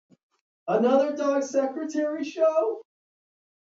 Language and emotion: English, fearful